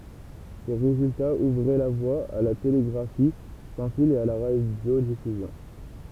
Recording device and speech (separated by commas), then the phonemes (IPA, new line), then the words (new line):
temple vibration pickup, read sentence
se ʁezyltaz uvʁɛ la vwa a la teleɡʁafi sɑ̃ fil e a la ʁadjodifyzjɔ̃
Ces résultats ouvraient la voie à la télégraphie sans fil et à la radiodiffusion.